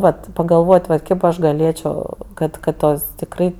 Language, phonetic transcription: Lithuanian, ˈvat pagalˈvot' vat ˈkėp aš gaˈlėčio ˈkad kad ˈtos tikˈrai

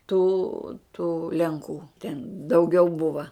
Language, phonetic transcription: Lithuanian, tų tų lenˈkų ten dauˈgiau ˈbuva

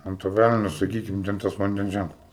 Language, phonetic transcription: Lithuanian, ˈant to ˈvæleno saˈkykim ˈten tas vanˈdens ˈžænklas

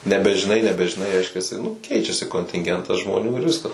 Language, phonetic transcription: Lithuanian, nebežiˈnai nebežiˈnai ˈreiškiasi nu ˈkeičiasi kontinˈgentas žmoˈnių ir ˈviskas

